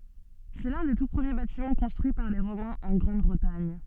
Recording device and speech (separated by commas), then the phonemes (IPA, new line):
soft in-ear microphone, read sentence
sɛ lœ̃ de tu pʁəmje batimɑ̃ kɔ̃stʁyi paʁ le ʁomɛ̃z ɑ̃ ɡʁɑ̃dbʁətaɲ